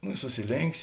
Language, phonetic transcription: Lithuanian, nu i susiˈlėnk's'

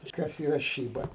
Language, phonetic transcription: Lithuanian, ˈkas yˈra ˈšyba

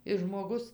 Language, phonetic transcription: Lithuanian, i žmoˈgus

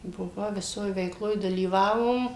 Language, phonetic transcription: Lithuanian, buˈvau viˈsoj veikˈloj dalyˈvavom

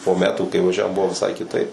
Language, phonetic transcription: Lithuanian, po ˈmetų kai vaˈžiavom ˈbuvo viˈsai kiˈtaip

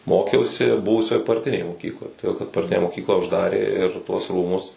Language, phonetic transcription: Lithuanian, ˈmokiausi ˈbuvusioj parˈtinėj moˈkykloj toˈdėl kad parˈtinę moˈkyklą užˈdarė ir tuos ˈrūmus

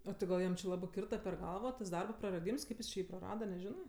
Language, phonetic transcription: Lithuanian, o ˈtai gal ˈjam či ˈlabɜ ˈkirta per ˈgalva tas ˈdarba praraˈdyms ˈkaip jis či ˈjį praˈrada neˈžinɜ

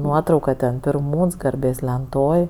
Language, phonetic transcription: Lithuanian, ˈnuotrauka ten pirˈmūns garˈbės lenˈtoj

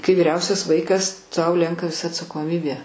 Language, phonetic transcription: Lithuanian, kai vyˈriausias ˈvaikas tau ˈlenka atsakoˈmibė

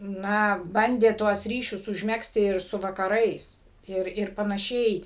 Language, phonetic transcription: Lithuanian, ˈna ˈbandė tuos ˈryšius užˈmegzti ir ˈsu vakaˈrais ˈir ir panaˈšiai

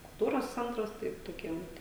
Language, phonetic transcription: Lithuanian, kulˈtūros ˈcentras ˈtaip toˈkiem

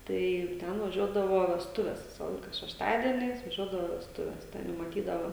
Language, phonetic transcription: Lithuanian, tai ˈten vaˈžiuodavo vesˈtuves ˈvisa ˈlaika šešˈtadieniais vaˈžiuodavo vesˈtuves ˈten jau maˈtydavo

